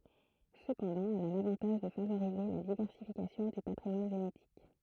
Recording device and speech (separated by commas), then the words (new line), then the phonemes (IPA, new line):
throat microphone, read sentence
Cependant, elle a l'avantage de favoriser la diversification du patrimoine génétique.
səpɑ̃dɑ̃ ɛl a lavɑ̃taʒ də favoʁize la divɛʁsifikasjɔ̃ dy patʁimwan ʒenetik